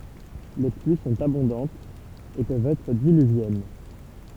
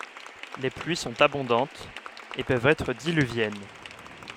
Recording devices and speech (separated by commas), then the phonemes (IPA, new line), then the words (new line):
temple vibration pickup, headset microphone, read sentence
le plyi sɔ̃t abɔ̃dɑ̃tz e pøvt ɛtʁ dilyvjɛn
Les pluies sont abondantes et peuvent être diluviennes.